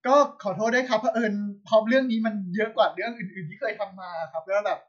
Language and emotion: Thai, happy